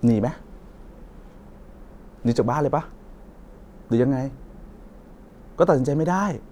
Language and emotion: Thai, frustrated